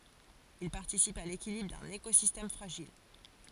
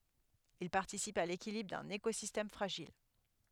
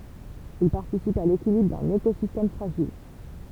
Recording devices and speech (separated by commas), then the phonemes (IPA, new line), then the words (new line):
forehead accelerometer, headset microphone, temple vibration pickup, read sentence
il paʁtisipt a lekilibʁ dœ̃n ekozistɛm fʁaʒil
Ils participent à l'équilibre d'un écosystème fragile.